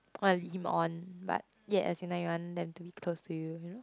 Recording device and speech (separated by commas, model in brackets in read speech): close-talking microphone, conversation in the same room